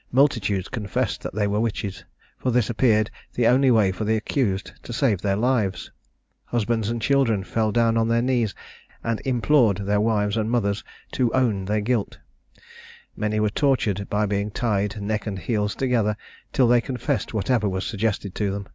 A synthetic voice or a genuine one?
genuine